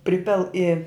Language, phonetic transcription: Lithuanian, ˈpripil i

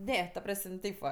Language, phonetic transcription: Lithuanian, ˈne ta ˈpras'm' ˈteip va

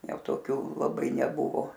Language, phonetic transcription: Lithuanian, ˈjau ˈtokių laˈbai neˈbuvo

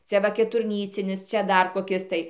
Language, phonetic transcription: Lithuanian, ˈcia va keturˈnycinis ˈčia ˈdar koˈkis tai

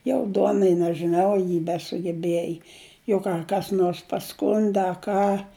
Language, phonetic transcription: Lithuanian, jau ˈduonai nežiˈnau a ˈji besugeˈbjieji jau ˈką kas ˈnors paˈskundi a ˈką

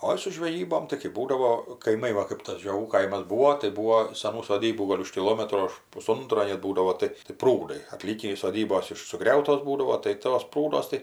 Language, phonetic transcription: Lithuanian, ˈoi su žveˈjybom tai kɜp ˈbūdavo kaiˈmai ˈva kɜp tas žioˈgų ˈkaimas ˈbūvo tai ˈbūvo saˈnų soˈdybų ˈgol' už kiˈlometro už puˈsuntro net ˈbūdavo ˈtai tai ˈprūdai aˈtlykį iš soˈdybos ˈiš suˈgriautos ˈbūdavo tai ˈtos ˈprūduos tai

